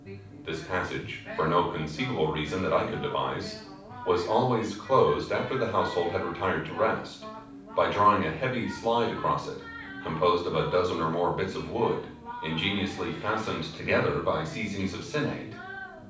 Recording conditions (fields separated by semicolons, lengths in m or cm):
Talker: one person; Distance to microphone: 5.8 m; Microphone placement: far; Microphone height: 1.8 m; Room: medium-sized (5.7 m by 4.0 m); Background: television